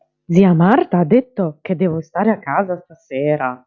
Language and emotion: Italian, surprised